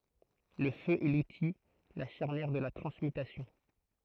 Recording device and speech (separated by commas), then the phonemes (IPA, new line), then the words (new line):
throat microphone, read sentence
lə fø ɛ luti la ʃaʁnjɛʁ də la tʁɑ̃smytasjɔ̃
Le feu est l'outil, la charnière de la transmutation.